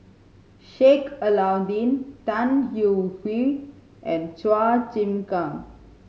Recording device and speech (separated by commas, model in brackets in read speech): mobile phone (Samsung C5010), read sentence